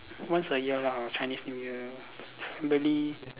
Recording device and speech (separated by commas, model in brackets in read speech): telephone, conversation in separate rooms